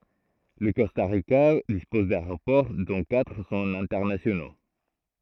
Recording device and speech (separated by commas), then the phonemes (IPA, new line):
throat microphone, read sentence
lə kɔsta ʁika dispɔz daeʁopɔʁ dɔ̃ katʁ sɔ̃t ɛ̃tɛʁnasjono